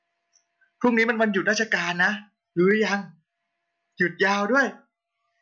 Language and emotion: Thai, happy